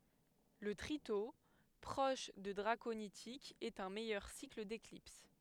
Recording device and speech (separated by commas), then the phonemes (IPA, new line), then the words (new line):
headset microphone, read sentence
lə tʁito pʁɔʃ də dʁakonitikz ɛt œ̃ mɛjœʁ sikl deklips
Le tritos, proche de draconitiques, est un meilleur cycle d'éclipse.